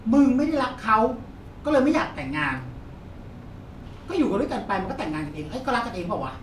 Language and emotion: Thai, frustrated